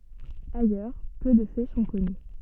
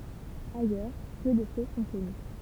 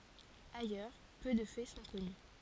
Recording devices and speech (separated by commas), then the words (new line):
soft in-ear microphone, temple vibration pickup, forehead accelerometer, read sentence
Ailleurs peu de faits sont connus.